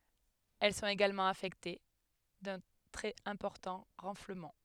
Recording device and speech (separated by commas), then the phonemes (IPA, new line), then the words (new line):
headset microphone, read sentence
ɛl sɔ̃t eɡalmɑ̃ afɛkte dœ̃ tʁɛz ɛ̃pɔʁtɑ̃ ʁɑ̃fləmɑ̃
Elles sont également affectées d'un très important renflement.